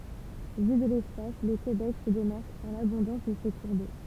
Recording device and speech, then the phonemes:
temple vibration pickup, read sentence
vy də lɛspas lə kebɛk sə demaʁk paʁ labɔ̃dɑ̃s də se kuʁ do

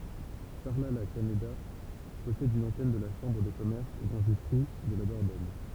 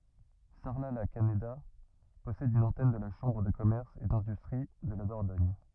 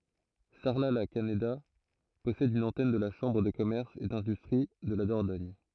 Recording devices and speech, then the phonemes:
temple vibration pickup, rigid in-ear microphone, throat microphone, read sentence
saʁlatlakaneda pɔsɛd yn ɑ̃tɛn də la ʃɑ̃bʁ də kɔmɛʁs e dɛ̃dystʁi də la dɔʁdɔɲ

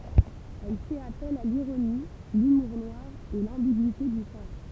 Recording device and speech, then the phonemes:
temple vibration pickup, read sentence
ɛl fɛt apɛl a liʁoni lymuʁ nwaʁ e lɑ̃biɡyite dy sɑ̃s

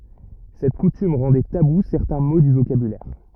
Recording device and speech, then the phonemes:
rigid in-ear microphone, read sentence
sɛt kutym ʁɑ̃dɛ tabu sɛʁtɛ̃ mo dy vokabylɛʁ

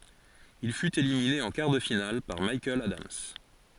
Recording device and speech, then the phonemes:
forehead accelerometer, read sentence
il fyt elimine ɑ̃ kaʁ də final paʁ mikaɛl adams

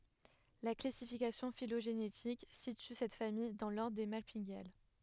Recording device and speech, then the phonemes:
headset microphone, read sentence
la klasifikasjɔ̃ filoʒenetik sity sɛt famij dɑ̃ lɔʁdʁ de malpiɡjal

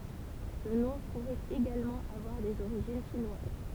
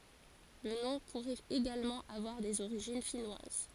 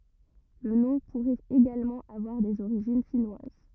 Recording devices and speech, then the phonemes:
temple vibration pickup, forehead accelerometer, rigid in-ear microphone, read sentence
lə nɔ̃ puʁɛt eɡalmɑ̃ avwaʁ dez oʁiʒin finwaz

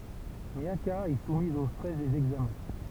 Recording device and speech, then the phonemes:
temple vibration pickup, read sentence
mjaka ɛ sumiz o stʁɛs dez ɛɡzamɛ̃

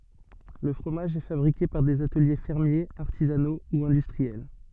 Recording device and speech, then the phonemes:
soft in-ear microphone, read sentence
lə fʁomaʒ ɛ fabʁike paʁ dez atəlje fɛʁmjez aʁtizano u ɛ̃dystʁiɛl

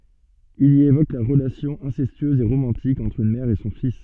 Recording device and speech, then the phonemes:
soft in-ear microphone, read sentence
il i evok la ʁəlasjɔ̃ ɛ̃sɛstyøz e ʁomɑ̃tik ɑ̃tʁ yn mɛʁ e sɔ̃ fis

